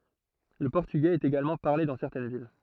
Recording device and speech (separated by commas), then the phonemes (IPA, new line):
throat microphone, read sentence
lə pɔʁtyɡɛz ɛt eɡalmɑ̃ paʁle dɑ̃ sɛʁtɛn vil